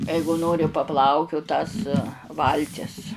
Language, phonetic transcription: Lithuanian, ˈeigu ˈnori paˈplaukiut tas ˈvaltis

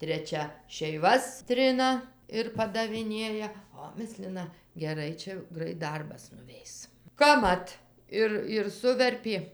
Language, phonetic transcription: Lithuanian, treˈčia šeiˈvas ˈtrina ir padaviˈnėja ˈo ˈmislina geˈrai ˈčia ˈgrait ˈdarbas nuˈveis kapˈmat ˈir ir ˈsuverpė

